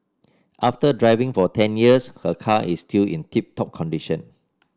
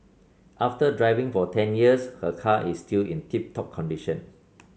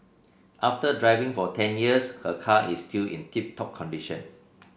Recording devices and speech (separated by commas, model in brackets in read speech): standing microphone (AKG C214), mobile phone (Samsung C7), boundary microphone (BM630), read sentence